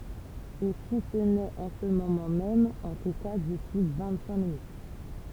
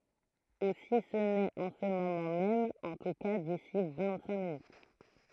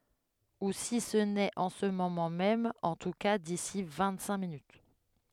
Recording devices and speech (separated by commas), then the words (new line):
temple vibration pickup, throat microphone, headset microphone, read sentence
Ou si ce n'est en ce moment même, en tout cas d'ici vingt-cinq minutes.